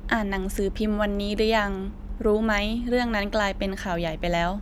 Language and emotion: Thai, neutral